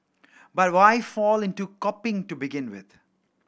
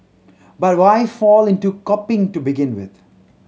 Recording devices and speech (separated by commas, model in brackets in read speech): boundary microphone (BM630), mobile phone (Samsung C7100), read sentence